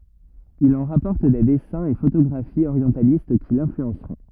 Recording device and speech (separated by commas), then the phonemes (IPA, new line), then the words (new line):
rigid in-ear microphone, read sentence
il ɑ̃ ʁapɔʁt de dɛsɛ̃z e fotoɡʁafiz oʁjɑ̃talist ki lɛ̃flyɑ̃sʁɔ̃
Il en rapporte des dessins et photographies orientalistes qui l'influenceront.